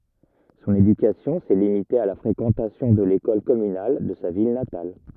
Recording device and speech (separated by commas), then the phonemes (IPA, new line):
rigid in-ear microphone, read sentence
sɔ̃n edykasjɔ̃ sɛ limite a la fʁekɑ̃tasjɔ̃ də lekɔl kɔmynal də sa vil natal